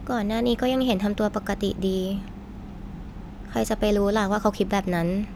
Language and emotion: Thai, frustrated